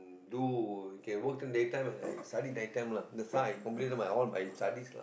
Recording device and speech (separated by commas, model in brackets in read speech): boundary microphone, conversation in the same room